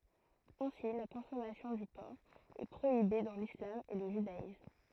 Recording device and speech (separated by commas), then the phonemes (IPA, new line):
throat microphone, read sentence
ɛ̃si la kɔ̃sɔmasjɔ̃ dy pɔʁk ɛ pʁoibe dɑ̃ lislam e lə ʒydaism